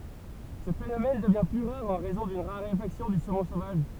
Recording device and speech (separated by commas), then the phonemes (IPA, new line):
temple vibration pickup, read sentence
sə fenomɛn dəvjɛ̃ ply ʁaʁ ɑ̃ ʁɛzɔ̃ dyn ʁaʁefaksjɔ̃ dy somɔ̃ sovaʒ